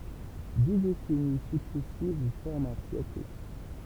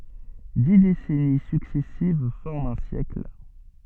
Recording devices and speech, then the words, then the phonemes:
temple vibration pickup, soft in-ear microphone, read sentence
Dix décennies successives forment un siècle.
di desɛni syksɛsiv fɔʁmt œ̃ sjɛkl

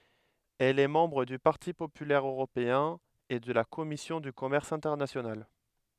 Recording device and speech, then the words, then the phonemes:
headset microphone, read sentence
Elle est membre du Parti populaire européen et de la Commission du commerce international.
ɛl ɛ mɑ̃bʁ dy paʁti popylɛʁ øʁopeɛ̃ e də la kɔmisjɔ̃ dy kɔmɛʁs ɛ̃tɛʁnasjonal

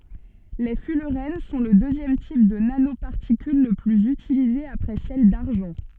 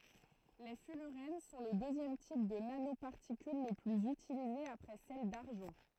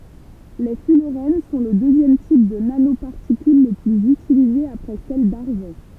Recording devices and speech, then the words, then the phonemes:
soft in-ear microphone, throat microphone, temple vibration pickup, read sentence
Les fullerènes sont le deuxième type de nanoparticules le plus utilisé après celles d’argent.
le fylʁɛn sɔ̃ lə døzjɛm tip də nanopaʁtikyl lə plyz ytilize apʁɛ sɛl daʁʒɑ̃

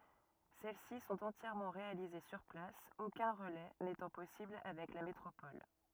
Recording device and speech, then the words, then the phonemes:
rigid in-ear microphone, read sentence
Celles-ci sont entièrement réalisées sur place, aucun relais n'étant possible avec la métropole.
sɛl si sɔ̃t ɑ̃tjɛʁmɑ̃ ʁealize syʁ plas okœ̃ ʁəlɛ netɑ̃ pɔsibl avɛk la metʁopɔl

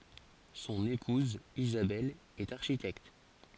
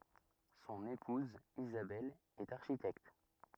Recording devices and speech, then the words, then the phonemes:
forehead accelerometer, rigid in-ear microphone, read sentence
Son épouse Isabelle est architecte.
sɔ̃n epuz izabɛl ɛt aʁʃitɛkt

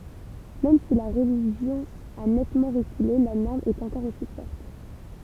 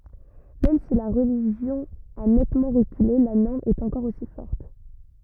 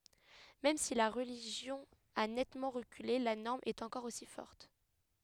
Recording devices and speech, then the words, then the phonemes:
temple vibration pickup, rigid in-ear microphone, headset microphone, read sentence
Même si la religion a nettement reculé, la norme est encore aussi forte.
mɛm si la ʁəliʒjɔ̃ a nɛtmɑ̃ ʁəkyle la nɔʁm ɛt ɑ̃kɔʁ osi fɔʁt

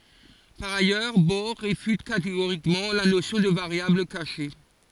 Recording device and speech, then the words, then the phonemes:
forehead accelerometer, read sentence
Par ailleurs, Bohr réfute catégoriquement la notion de variables cachées.
paʁ ajœʁ bɔʁ ʁefyt kateɡoʁikmɑ̃ la nosjɔ̃ də vaʁjabl kaʃe

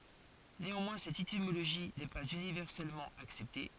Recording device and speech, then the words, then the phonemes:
forehead accelerometer, read sentence
Néanmoins, cette étymologie n'est pas universellement acceptée.
neɑ̃mwɛ̃ sɛt etimoloʒi nɛ paz ynivɛʁsɛlmɑ̃ aksɛpte

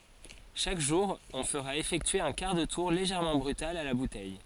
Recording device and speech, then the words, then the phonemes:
forehead accelerometer, read sentence
Chaque jour, on fera effectuer un quart de tour légèrement brutal à la bouteille.
ʃak ʒuʁ ɔ̃ fəʁa efɛktye œ̃ kaʁ də tuʁ leʒɛʁmɑ̃ bʁytal a la butɛj

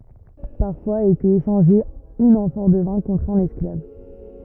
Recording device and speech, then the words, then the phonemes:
rigid in-ear microphone, read sentence
Parfois était échangée une amphore de vin contre un esclave.
paʁfwaz etɛt eʃɑ̃ʒe yn ɑ̃fɔʁ də vɛ̃ kɔ̃tʁ œ̃n ɛsklav

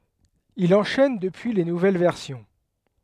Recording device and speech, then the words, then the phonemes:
headset microphone, read sentence
Il enchaîne depuis les nouvelles versions.
il ɑ̃ʃɛn dəpyi le nuvɛl vɛʁsjɔ̃

